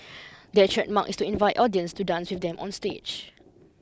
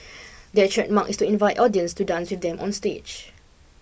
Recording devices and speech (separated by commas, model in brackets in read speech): close-talking microphone (WH20), boundary microphone (BM630), read sentence